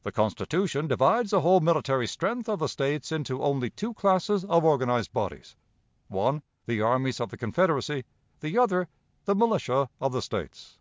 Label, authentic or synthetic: authentic